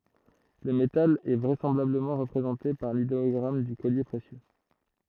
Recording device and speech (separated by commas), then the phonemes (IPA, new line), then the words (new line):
throat microphone, read sentence
lə metal ɛ vʁɛsɑ̃blabləmɑ̃ ʁəpʁezɑ̃te paʁ lideɔɡʁam dy kɔlje pʁesjø
Le métal est vraisemblablement représenté par l'idéogramme du collier précieux.